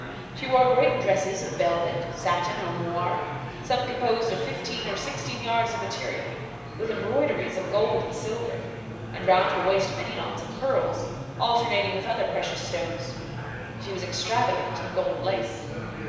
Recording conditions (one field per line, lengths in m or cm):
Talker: one person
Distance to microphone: 1.7 m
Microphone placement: close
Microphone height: 1.0 m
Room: very reverberant, large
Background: babble